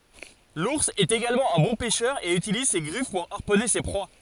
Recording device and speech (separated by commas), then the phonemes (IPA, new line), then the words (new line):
forehead accelerometer, read sentence
luʁs ɛt eɡalmɑ̃ œ̃ bɔ̃ pɛʃœʁ e ytiliz se ɡʁif puʁ aʁpɔne se pʁwa
L'ours est également un bon pêcheur et utilise ses griffes pour harponner ses proies.